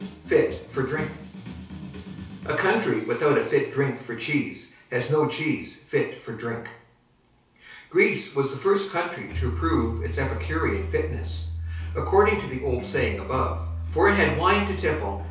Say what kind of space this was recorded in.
A small space (about 3.7 m by 2.7 m).